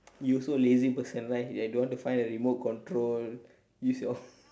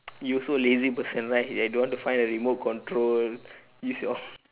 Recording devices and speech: standing microphone, telephone, conversation in separate rooms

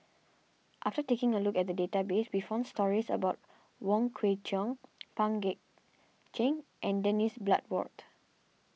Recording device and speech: mobile phone (iPhone 6), read sentence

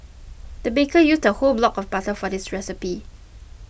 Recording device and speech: boundary microphone (BM630), read sentence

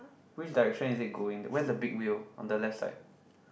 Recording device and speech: boundary microphone, conversation in the same room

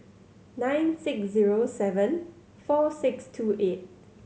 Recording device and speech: mobile phone (Samsung C7100), read sentence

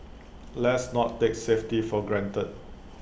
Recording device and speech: boundary microphone (BM630), read sentence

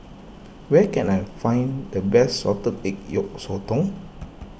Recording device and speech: boundary microphone (BM630), read sentence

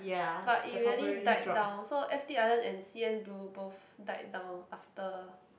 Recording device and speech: boundary microphone, conversation in the same room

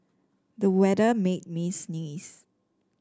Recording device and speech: standing microphone (AKG C214), read sentence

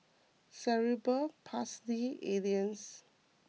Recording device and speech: mobile phone (iPhone 6), read sentence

